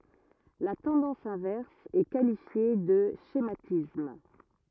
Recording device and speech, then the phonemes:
rigid in-ear microphone, read sentence
la tɑ̃dɑ̃s ɛ̃vɛʁs ɛ kalifje də ʃematism

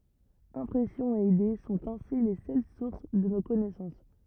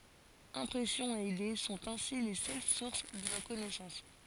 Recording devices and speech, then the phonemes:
rigid in-ear microphone, forehead accelerometer, read sentence
ɛ̃pʁɛsjɔ̃z e ide sɔ̃t ɛ̃si le sœl suʁs də no kɔnɛsɑ̃s

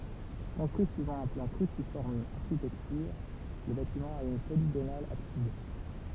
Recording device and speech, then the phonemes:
temple vibration pickup, read sentence
kɔ̃stʁyi syivɑ̃ œ̃ plɑ̃ kʁysifɔʁm aʁʃitɛktyʁ lə batimɑ̃ a yn poliɡonal absid

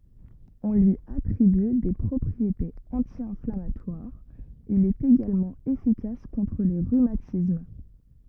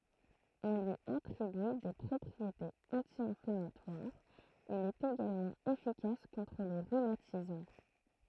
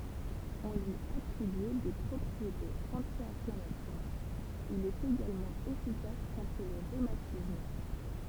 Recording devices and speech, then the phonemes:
rigid in-ear microphone, throat microphone, temple vibration pickup, read sentence
ɔ̃ lyi atʁiby de pʁɔpʁietez ɑ̃tjɛ̃flamatwaʁz il ɛt eɡalmɑ̃ efikas kɔ̃tʁ le ʁymatism

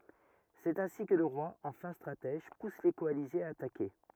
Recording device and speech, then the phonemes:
rigid in-ear microphone, read sentence
sɛt ɛ̃si kə lə ʁwa ɑ̃ fɛ̃ stʁatɛʒ pus le kɔalizez a atake

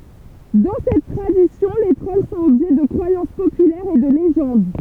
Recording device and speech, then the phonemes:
temple vibration pickup, read sentence
dɑ̃ sɛt tʁadisjɔ̃ le tʁɔl sɔ̃t ɔbʒɛ də kʁwajɑ̃s popylɛʁz e də leʒɑ̃d

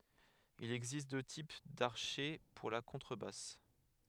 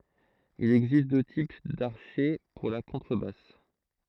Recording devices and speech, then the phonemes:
headset microphone, throat microphone, read sentence
il ɛɡzist dø tip daʁʃɛ puʁ la kɔ̃tʁəbas

